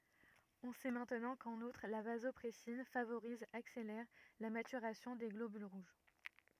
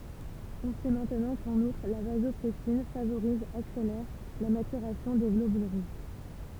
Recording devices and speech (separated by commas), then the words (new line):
rigid in-ear microphone, temple vibration pickup, read sentence
On sait maintenant qu'en outre la vasopressine favorise accélère la maturation des globules rouges.